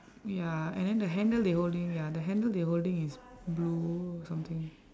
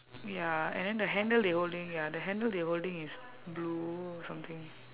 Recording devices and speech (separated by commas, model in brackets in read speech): standing microphone, telephone, conversation in separate rooms